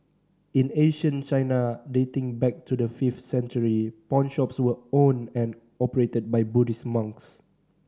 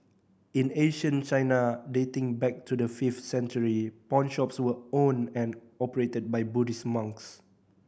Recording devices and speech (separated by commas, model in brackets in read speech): standing microphone (AKG C214), boundary microphone (BM630), read sentence